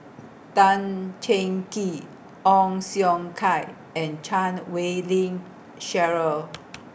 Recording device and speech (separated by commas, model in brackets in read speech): boundary microphone (BM630), read sentence